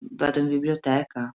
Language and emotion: Italian, sad